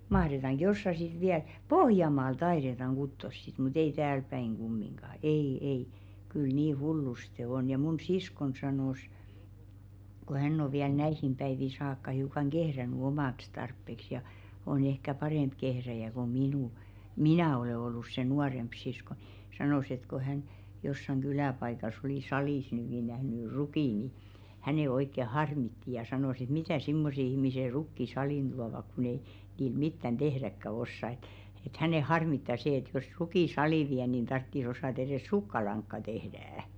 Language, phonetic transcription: Finnish, 'mahretaŋɢ "jossa sit viäl , "Pohjamaal 'taiðetaŋ 'ɢuttos sit mu't ‿ei 'täälpäiŋ ɢummiŋɢà , "ei 'ei , kyl "nii 'hulluste 'on ja mun "siskon sanòs , ko "hänn ‿o viäl 'näihim ʙäivi 'saakka hiukaŋ "ɢehräny "omàks 'tarppeks ja , on ehkä "parèmp kehräjä ko 'minù- , "minä̀ olè ollus se 'nuaremp 'sisko ɴɪ , 'sanòs ‿et ko 'hän , jossaŋ 'ɢylä̀paikas olì "salìs (ny) ni nähny "rukì ni , 'hänè oikke "harmitti ja 'sanòs ‿et "mitä̀ simmose 'ihmise "rukki 'salìn ᴅuavak kun ‿ei , nii 'mittän "ᴅehräkkä 'ossa ‿ĕt , et 'hänè "harmitta see et jos 'rukì "salì viä nìn 'tartti's ‿osàt ‿erès "sukkalaŋkka 'tehdä₍ᵃ̈ .
- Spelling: mahdetaanko jossakin sitten vielä Pohjanmaalla taidetaan kutoa sitten mutta ei täälläpäin kumminkaan ei ei kyllä niin hullusti on ja minun siskoni sanoi kun hän on vielä näihin päiviin saakka hiukan kehrännyt omaksi tarpeeksi ja on ehkä parempi kehrääjä kuin - minä olen ollut se nuorempi sisko niin sanoi että kun hän jossakin kyläpaikassa oli salissa nyt niin nähnyt rukin niin hänen oikein harmitti ja sanoi että mitä semmoiset ihmiset rukkia saliin tuovat kun ei niin mitään tehdäkään osaa että että häntä harmittaa se että jos rukin saliin vie niin tarvitsisi osata edes sukkalankaa tehdä

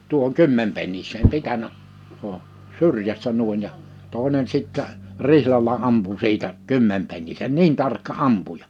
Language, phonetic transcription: Finnish, 'tuohoŋ "kymmempennis̀eem 'pitänä , o , "syrjästä 'nùin ja , 'tòi̬nen sìttä , 'rihlal̀a 'ampu 'siitä , "kymmempennisen "niin tarkka "’ampuja .
- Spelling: tuohon kymmenpenniseen pitänyt on syrjästä niin ja toinen sitten rihlalla ampui siitä kymmenpennisen niin tarkka ampuja

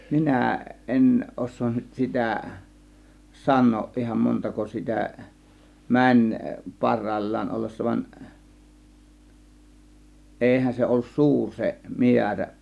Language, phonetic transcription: Finnish, 'minä̀ , ˀen 'ˀos̆soon nyt 'sitä̀ , 'san̆nooˀ ˀihan , 'montako 'sitä , "mäń , 'par̆ràĭl͕̀l͕aan 'ollessa van , 'ˀeihän 'se ollus "suur se 'miärä .
- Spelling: minä en osaa nyt sitä sanoa ihan montako sitä meni parhaillaan ollessa vaan eihän se ollut suuri se määrä

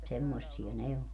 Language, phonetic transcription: Finnish, 'semmossi₍a 'ne o .
- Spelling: semmoisia ne on

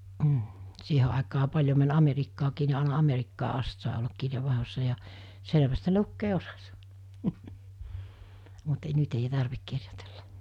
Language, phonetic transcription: Finnish, m̥ , 'siihe àekaa 'paĺjo män 'ᴀmerikkaakii ni àena 'ᴀmerikkaa '’ast sàe ollak 'kirjevvàehossa ja , 'seleväst se 'lukkee "osᴀs , mut e- 'nyt ei 'tarvik 'kirjotᴇʟʟᴀ .
- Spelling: mm siihen aikaan paljon meni Amerikkaankin niin aina Amerikkaan asti sai olla kirjeenvaihdossa ja selvästi se lukea osasi mutta - nyt ei tarvitse kirjoitella

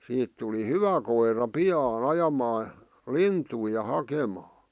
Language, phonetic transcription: Finnish, 'siit tuli "hyvä koira "pi₍aan̬ "ajamaa , "lintui ja 'hakemaa .
- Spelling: siitä tuli hyvä koira pian ajamaan lintuja ja hakemaan

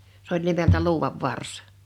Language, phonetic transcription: Finnish, se ‿oĺ 'nimeltä "luuwav "vars .
- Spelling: se oli nimeltä luudan varsi

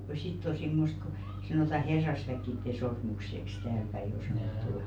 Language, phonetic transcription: Finnish, (ja) 'sitt ‿o simmost ko , 'sanòta "herrasväkkitte 'sormukseks täälpäi o 'sanòttù .
- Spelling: ja sitten on semmoista kun sanotaan herrasväkien sormukseksi täälläpäin on sanottu

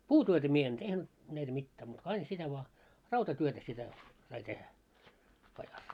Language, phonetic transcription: Finnish, puutyötä mie en 'tehnyt , näitä 'mittää muut ko 'ain sitä vᵒa , "rautatyötä sitä , sai 'tehä , pajas .
- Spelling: puutyötä minä en tehnyt näitä mitään muuta kuin aina sitä vain rautatyötä sitä sai tehdä pajassa

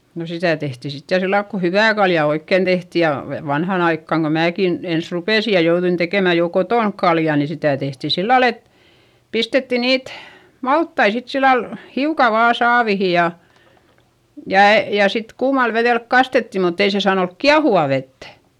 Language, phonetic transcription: Finnish, no sitä̀ tehtì sit ja sillailk ku hyvä̀ kalja oikkèn tehti ja , ve- vanhan ‿aikkaŋ ko määkin , ens rupèsi ja jouδuin tekèmä jo kotònk kalja ni sitä̀ tehti sillal ‿et , pistetti niit , malttai sit sillal , hiuka vaa saavihi ja , ja , jà sit kuumal veδèlk kastetti - mutt ‿ei se saan ‿olk kiahuvà vettÄ .
- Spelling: no sitä tehtiin sitten ja sillä lailla kun hyvää kaljaa oikein tehtiin ja - vanhaan aikaan kun minäkin ensin rupesin ja jouduin tekemään jo kotona kaljaa niin sitä tehtiin sillä lailla että pistettiin niitä maltaita sitten sillä lailla hiukan vain saaviin ja ja ja sitten kuumalla vedellä kastettiin mutta ei se saanut olla kiehuvaa vettä

